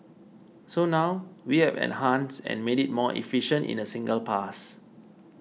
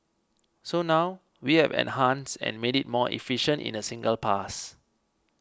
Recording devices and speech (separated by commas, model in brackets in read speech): mobile phone (iPhone 6), close-talking microphone (WH20), read sentence